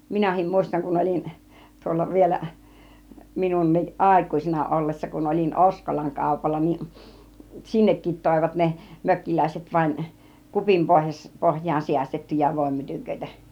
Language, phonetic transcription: Finnish, 'minähim 'mùistaŋ kun 'ol͕in , 'tuolla vielä , 'minunniˀ "ˀàikùĭsena ollessa kun 'ol͕in "ˀOskolaŋ 'kàupalla ni , "sinnekkit tòivat ne , 'mökkiläiset vaⁱn , "kupim 'pohjas- , 'pohj̆jaan 'siästettyjä 'vòimmytyköitä .
- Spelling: minäkin muistan kun olin tuolla vielä minunkin aikuisena ollessa kun olin Oskolan kaupalla niin sinnekin toivat ne mökkiläiset vain kupin - pohjaan säästettyjä voinmytyköitä

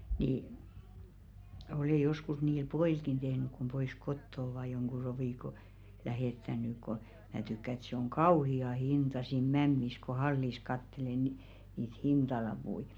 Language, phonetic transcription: Finnish, nii , olè 'joskus niil "po₍ìlkin tehnyk̆ kum pois 'kotto ovà joŋɢu 'rovìko , 'lähèttän̆ny ko , 'mää tykkä ‿ĕt se oŋ "kauhi₍a 'hinta siin 'mämmis ko 'hallis kattele ni- niit "hintalapui .
- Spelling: niin olen joskus niille pojillekin tehnyt kun pois kotoa ovat jonkun rovikon lähettänyt kun minä tykkään että se on kauhea hinta siinä mämmissä kun hallissa katselee - niitä hintalappuja

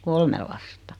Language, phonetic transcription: Finnish, 'kolme lasta .
- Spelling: kolme lasta

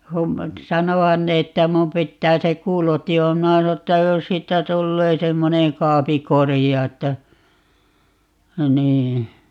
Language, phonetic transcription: Finnish, kum , 'sanohan ne että 'mum 'pittää 'se "kuuloti - o - - 'minä sano että » 'jos siittä 'tullee 'semmoneŋ "kaapi "korija » että , 'nii .
- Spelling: kun sanoihan ne että minun pitää se - - minä sanoin että jos siitä tulee semmoinen kaapin korea että niin

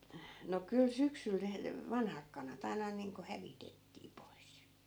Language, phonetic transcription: Finnish, no 'kyl 'syksyl ne , "vanhak kanat ‿ai̮na niiŋko 'hävitettii 'pois .
- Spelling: no kyllä syksyllä ne vanhat kanat aina niin kuin hävitettiin pois

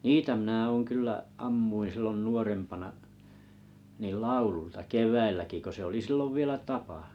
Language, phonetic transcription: Finnish, niitä minä 'ooŋ 'kyllä’ , 'ammuin̬ sillon 'nuorempana’ , nì1 "laululta 'keväilläki ko se oli "sillov "vielä 'tapa .
- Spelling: niitä minä olen kyllä ammuin silloin nuorempana niin laululta keväälläkin kun se oli silloin vielä tapa

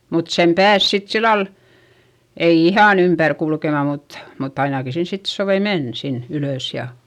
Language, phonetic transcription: Finnish, mut sem pääs sit sillal , ei ihàn ‿ympär kulkema mut , mutt ‿ainaki sin sit sovei men , sin ylö̀s ja ,.
- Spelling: mutta sen pääsi sitten sillä lailla ei ihan ympäri kulkemaan mutta mutta ainakin sinne sitten sopi mennä sinne ylös ja

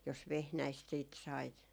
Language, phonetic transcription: Finnish, jos "vehnäist siit sait .
- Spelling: jos vehnäistä sitten sait

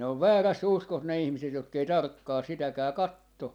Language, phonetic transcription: Finnish, ne ov "vääräs"s ‿uskos ne 'ihmiset jotk ‿ei "tarkkaa 'sitäkää "katto .
- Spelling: ne on väärässä uskossa ne ihmiset jotka ei tarkkaan sitäkään katso

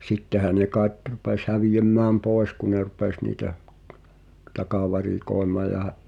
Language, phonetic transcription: Finnish, sittehä ne kaaᵉt 'rupes hävijemmääm "pòes ku ne 'rupes niitä , "takavarikòi̬maa ja hä͔’- ,.
- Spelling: sittenhän ne kai rupesi häviämään pois kun ne rupesi niitä takavarikoimaan ja -

